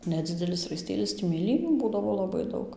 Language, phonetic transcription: Lithuanian, neˈdzidelis raiˈstėlis tį mėˈlynių ˈbūdavo laˈbai ˈdaug

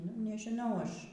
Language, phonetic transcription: Lithuanian, nu nežiˈnau ˈaš

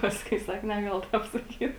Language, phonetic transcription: Lithuanian, ˈpaskui ˈsak neˈgal ˈtap saˈkyt

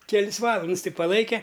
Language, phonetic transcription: Lithuanian, keˈlis ˈvalands ti paˈlaike

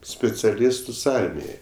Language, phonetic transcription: Lithuanian, spiciaˈlistus ˈarmijai

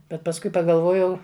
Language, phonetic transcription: Lithuanian, bet pasˈkui pagalˈvojau

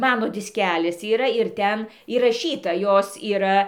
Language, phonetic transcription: Lithuanian, ˈmano disˈkelis yˈra ir ˈten įraˈšyta ˈjos yˈra

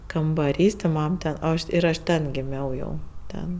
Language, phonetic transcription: Lithuanian, kambaˈrys ti ˈmam ten o ˈaš ir ˈaš ˈten giˈmiau jau ˈten

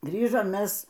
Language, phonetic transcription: Lithuanian, ˈgrįžom ˈmes

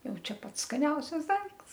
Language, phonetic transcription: Lithuanian, ˈjau ˈčia ˈpats skaˈniausias ˈdaikts

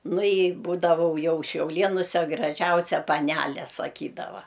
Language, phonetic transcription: Lithuanian, ˈnu i ˈbūdavau ˈjau šiauˈlėnuse graˈžiausia paˈnæle saˈkydava

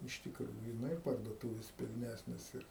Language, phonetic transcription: Lithuanian, iš tikˈrųju ˈnu ir parduoˈtūvės pilˈnæsnės ir

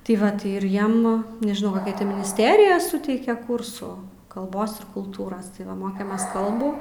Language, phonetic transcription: Lithuanian, tai ˈva tai ir ˈjiem nežiˈnau koˈkia ˈti minisˈterija ˈsuteikė ˈkursų kalˈbos ir kulˈtūras tai ˈva ˈmokėmės ˈkalbų

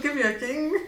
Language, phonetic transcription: Lithuanian, ˈkaip juoˈkyng

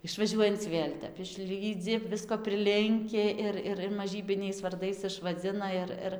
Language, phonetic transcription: Lithuanian, išvaˈžiuojanc ˈvėl' ˈtep išˈlydzi ˈvisko priˈlinki ˈir ˈir ir maˈžybiniais varˈdais išvaˈdzina ir ˈir

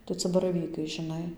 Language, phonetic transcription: Lithuanian, tai ˈca baraˈvykai žiˈnai

